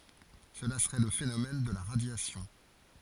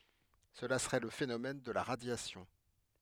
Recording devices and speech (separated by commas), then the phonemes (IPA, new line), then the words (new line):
forehead accelerometer, headset microphone, read sentence
səla səʁɛ lə fenomɛn də la ʁadjasjɔ̃
Cela serait le phénomène de la radiation.